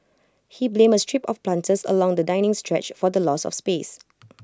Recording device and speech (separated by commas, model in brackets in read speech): close-talking microphone (WH20), read sentence